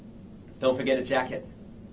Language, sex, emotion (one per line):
English
male
neutral